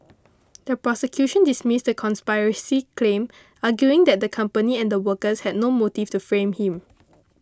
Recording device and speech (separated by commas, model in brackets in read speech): close-talking microphone (WH20), read sentence